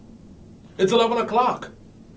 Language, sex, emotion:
English
male
happy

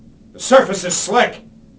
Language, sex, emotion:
English
male
angry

